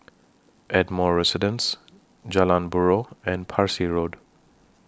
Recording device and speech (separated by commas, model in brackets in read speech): standing microphone (AKG C214), read sentence